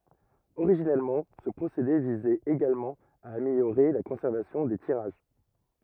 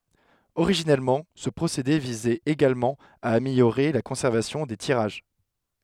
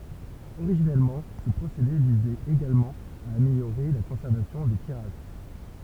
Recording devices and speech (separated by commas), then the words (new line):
rigid in-ear microphone, headset microphone, temple vibration pickup, read sentence
Originellement, ce procédé visait également à améliorer la conservation des tirages.